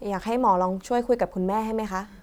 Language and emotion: Thai, neutral